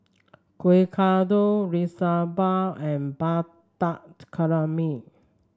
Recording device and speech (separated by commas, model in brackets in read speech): standing microphone (AKG C214), read sentence